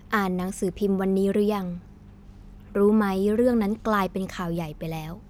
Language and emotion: Thai, neutral